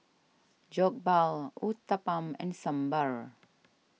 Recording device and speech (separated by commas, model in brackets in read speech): mobile phone (iPhone 6), read sentence